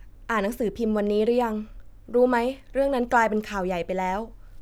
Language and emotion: Thai, neutral